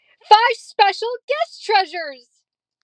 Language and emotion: English, happy